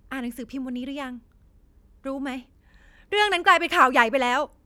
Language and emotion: Thai, angry